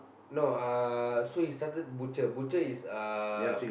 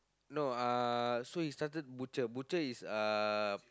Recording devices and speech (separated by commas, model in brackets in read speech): boundary microphone, close-talking microphone, conversation in the same room